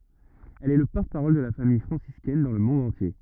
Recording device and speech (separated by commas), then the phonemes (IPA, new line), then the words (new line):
rigid in-ear microphone, read sentence
ɛl ɛ lə pɔʁtəpaʁɔl də la famij fʁɑ̃siskɛn dɑ̃ lə mɔ̃d ɑ̃tje
Elle est le porte-parole de la Famille franciscaine dans le monde entier.